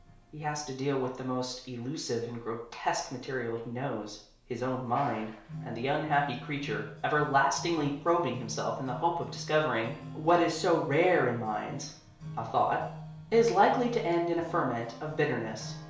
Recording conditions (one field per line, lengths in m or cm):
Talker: one person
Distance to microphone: 1.0 m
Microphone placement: close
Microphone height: 1.1 m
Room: small (3.7 m by 2.7 m)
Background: music